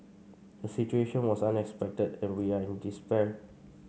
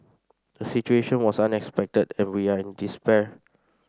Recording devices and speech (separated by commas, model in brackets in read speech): mobile phone (Samsung C5), standing microphone (AKG C214), read sentence